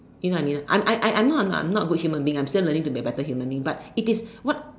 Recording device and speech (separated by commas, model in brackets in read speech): standing microphone, conversation in separate rooms